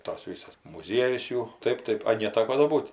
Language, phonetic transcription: Lithuanian, ir tos ˈvisas muˈziejus ˈjų ˈtaip ˈtaip a neˈtako do ˈbūt

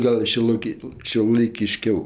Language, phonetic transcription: Lithuanian, ˈgal šiuoˈlaiki šiuolaikiˈškiau

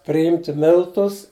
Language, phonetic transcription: Lithuanian, priˈjimti ˈmiltus

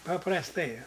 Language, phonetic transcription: Lithuanian, paprasˈtai

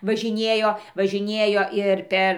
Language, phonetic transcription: Lithuanian, važiˈniejo važiˈniejo ir ˈper

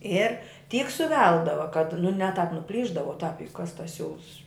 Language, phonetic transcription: Lithuanian, ˈir ˈtyk suˈveldava kad nu ne tāp nuˈplyšdavo u tāp juk kas tas ˈsiūls

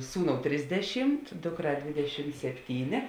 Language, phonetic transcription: Lithuanian, ˈsūˌnou ˈtrisdeˌšimt ˈdukˌrā ˈdvėdeˌšim sepˈtynė

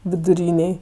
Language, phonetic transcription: Lithuanian, viduˈrynėj

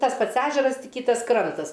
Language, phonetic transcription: Lithuanian, tas ˈpats ˈežeras ˈtik ˈkytas ˈkrantas

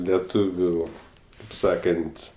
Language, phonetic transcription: Lithuanian, leˈtūviu kaip ˈsakant'

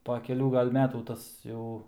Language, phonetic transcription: Lithuanian, po keˈlių ˈgal' ˈmetų ˈtas jau

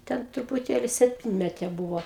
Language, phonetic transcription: Lithuanian, ˈten trupuˈtėli sepˈtinmetė ˈbūvo

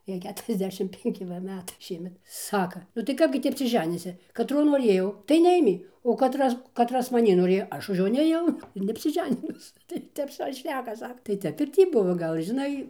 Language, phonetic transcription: Lithuanian, ˈjai ˌketuriasˈdešim penˈki va ˈmetai ˈšiemet ˈsaka nu tai ˈkapgi tį apsiˈženysi kaˈtro noˈrėjau tai neˈėmė o kaˈtras kaˈtras maˈnį noˈrėjo ˈaš už ˈjo nėˈjau ir neapsiˈženinus tai ˈtep ˈsau ir ˈšneka ˈsaka tai ˈtep ir ˈtį ˈbuvo ˈgal' žiˈnai

